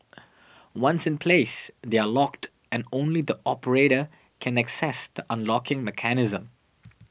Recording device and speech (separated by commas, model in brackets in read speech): boundary microphone (BM630), read sentence